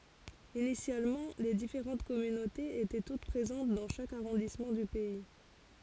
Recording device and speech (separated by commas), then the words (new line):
forehead accelerometer, read sentence
Initialement, les différentes communautés étaient toutes présentes dans chaque arrondissement du pays.